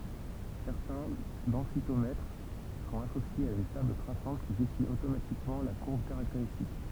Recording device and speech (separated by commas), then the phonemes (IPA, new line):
temple vibration pickup, read sentence
sɛʁtɛ̃ dɑ̃sitomɛtʁ sɔ̃t asosjez a yn tabl tʁasɑ̃t ki dɛsin otomatikmɑ̃ la kuʁb kaʁakteʁistik